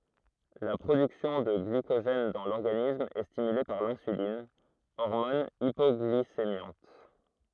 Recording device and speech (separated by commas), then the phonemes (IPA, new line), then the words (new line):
throat microphone, read sentence
la pʁodyksjɔ̃ də ɡlikoʒɛn dɑ̃ lɔʁɡanism ɛ stimyle paʁ lɛ̃sylin ɔʁmɔn ipɔɡlisemjɑ̃t
La production de glycogène dans l'organisme est stimulée par l'insuline, hormone hypoglycémiante.